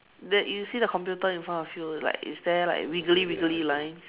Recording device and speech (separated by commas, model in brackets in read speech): telephone, conversation in separate rooms